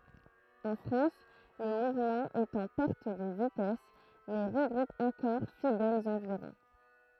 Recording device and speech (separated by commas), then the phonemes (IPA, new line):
throat microphone, read sentence
ɑ̃ fʁɑ̃s lə muvmɑ̃ ɛt ɑ̃ pɛʁt də vitɛs mɛ ʁəɡʁup ɑ̃kɔʁ fidɛlz ɑ̃viʁɔ̃